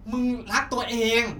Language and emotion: Thai, angry